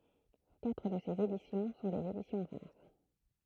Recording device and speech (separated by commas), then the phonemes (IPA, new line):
throat microphone, read sentence
katʁ də sez edisjɔ̃ sɔ̃ dez edisjɔ̃ ʁaʁ